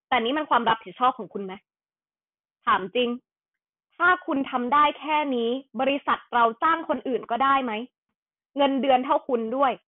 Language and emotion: Thai, frustrated